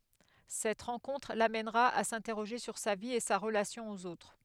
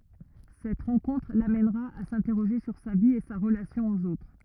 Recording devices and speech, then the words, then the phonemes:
headset microphone, rigid in-ear microphone, read sentence
Cette rencontre l’amènera à s’interroger sur sa vie et sa relation aux autres.
sɛt ʁɑ̃kɔ̃tʁ lamɛnʁa a sɛ̃tɛʁoʒe syʁ sa vi e sa ʁəlasjɔ̃ oz otʁ

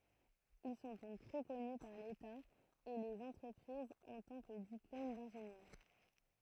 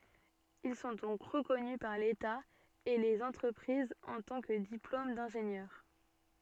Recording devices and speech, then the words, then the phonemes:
throat microphone, soft in-ear microphone, read sentence
Ils sont donc reconnus par l'État et les entreprises en tant que diplôme d'ingénieur.
il sɔ̃ dɔ̃k ʁəkɔny paʁ leta e lez ɑ̃tʁəpʁizz ɑ̃ tɑ̃ kə diplom dɛ̃ʒenjœʁ

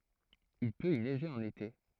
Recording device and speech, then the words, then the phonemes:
throat microphone, read sentence
Il peut y neiger en été.
il pøt i nɛʒe ɑ̃n ete

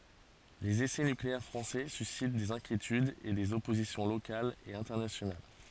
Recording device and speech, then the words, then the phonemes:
forehead accelerometer, read sentence
Les essais nucléaires français suscitent des inquiétudes et des oppositions locales et internationales.
lez esɛ nykleɛʁ fʁɑ̃sɛ sysit dez ɛ̃kjetydz e dez ɔpozisjɔ̃ lokalz e ɛ̃tɛʁnasjonal

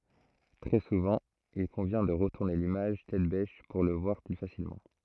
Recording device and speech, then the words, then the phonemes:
throat microphone, read sentence
Très souvent, il convient de retourner l'image tête-bêche pour le voir plus facilement.
tʁɛ suvɑ̃ il kɔ̃vjɛ̃ də ʁətuʁne limaʒ tɛt bɛʃ puʁ lə vwaʁ ply fasilmɑ̃

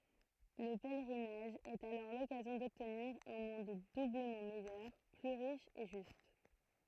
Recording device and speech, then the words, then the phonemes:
throat microphone, read sentence
Le pèlerinage est alors l'occasion d'obtenir un monde doublement meilleur, plus riche et juste.
lə pɛlʁinaʒ ɛt alɔʁ lɔkazjɔ̃ dɔbtniʁ œ̃ mɔ̃d dubləmɑ̃ mɛjœʁ ply ʁiʃ e ʒyst

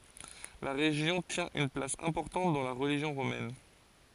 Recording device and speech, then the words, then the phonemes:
forehead accelerometer, read sentence
La région tient une place importante dans la religion romaine.
la ʁeʒjɔ̃ tjɛ̃ yn plas ɛ̃pɔʁtɑ̃t dɑ̃ la ʁəliʒjɔ̃ ʁomɛn

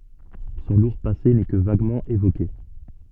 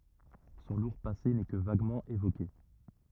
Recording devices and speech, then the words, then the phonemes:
soft in-ear microphone, rigid in-ear microphone, read sentence
Son lourd passé n'est que vaguement évoqué.
sɔ̃ luʁ pase nɛ kə vaɡmɑ̃ evoke

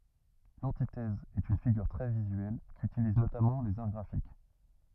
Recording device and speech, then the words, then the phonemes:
rigid in-ear microphone, read sentence
L'antithèse est une figure très visuelle, qu'utilisent notamment les Arts graphiques.
lɑ̃titɛz ɛt yn fiɡyʁ tʁɛ vizyɛl kytiliz notamɑ̃ lez aʁ ɡʁafik

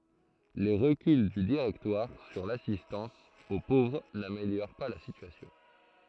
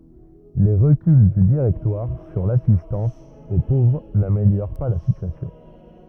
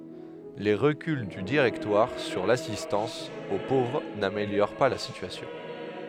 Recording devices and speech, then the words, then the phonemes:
throat microphone, rigid in-ear microphone, headset microphone, read sentence
Les reculs du Directoire sur l'assistance aux pauvres n'améliorent pas la situation.
le ʁəkyl dy diʁɛktwaʁ syʁ lasistɑ̃s o povʁ nameljoʁ pa la sityasjɔ̃

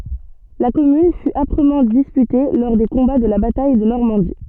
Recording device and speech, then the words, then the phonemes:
soft in-ear microphone, read sentence
La commune fut âprement disputée lors des combats de la bataille de Normandie.
la kɔmyn fy apʁəmɑ̃ dispyte lɔʁ de kɔ̃ba də la bataj də nɔʁmɑ̃di

